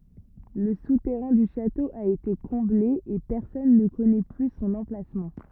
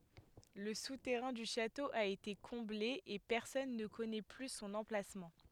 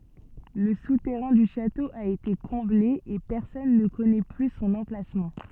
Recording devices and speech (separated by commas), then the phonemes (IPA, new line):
rigid in-ear microphone, headset microphone, soft in-ear microphone, read sentence
lə sutɛʁɛ̃ dy ʃato a ete kɔ̃ble e pɛʁsɔn nə kɔnɛ ply sɔ̃n ɑ̃plasmɑ̃